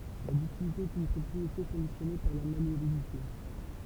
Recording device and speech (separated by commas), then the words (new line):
temple vibration pickup, read sentence
La ductilité est une propriété conditionnée par la malléabilité.